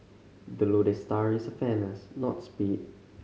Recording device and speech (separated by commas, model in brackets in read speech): mobile phone (Samsung C5010), read sentence